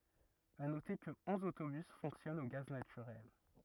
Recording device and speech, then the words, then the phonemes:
rigid in-ear microphone, read sentence
À noter que onze autobus fonctionnent au gaz naturel.
a note kə ɔ̃z otobys fɔ̃ksjɔnt o ɡaz natyʁɛl

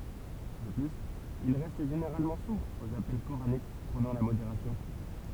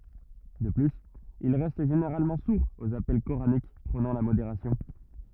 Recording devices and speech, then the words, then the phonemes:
temple vibration pickup, rigid in-ear microphone, read sentence
De plus, ils restent généralement sourds aux appels coraniques prônant la modération.
də plyz il ʁɛst ʒeneʁalmɑ̃ suʁz oz apɛl koʁanik pʁonɑ̃ la modeʁasjɔ̃

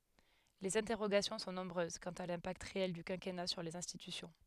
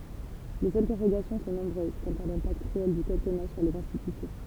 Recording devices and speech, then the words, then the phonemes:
headset microphone, temple vibration pickup, read sentence
Les interrogations sont nombreuses quant à l'impact réel du quinquennat sur les institutions.
lez ɛ̃tɛʁoɡasjɔ̃ sɔ̃ nɔ̃bʁøz kɑ̃t a lɛ̃pakt ʁeɛl dy kɛ̃kɛna syʁ lez ɛ̃stitysjɔ̃

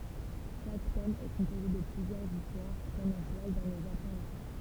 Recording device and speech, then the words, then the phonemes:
temple vibration pickup, read sentence
Chaque tome est composé de plusieurs histoires prenant place dans le Japon ancien.
ʃak tɔm ɛ kɔ̃poze də plyzjœʁz istwaʁ pʁənɑ̃ plas dɑ̃ lə ʒapɔ̃ ɑ̃sjɛ̃

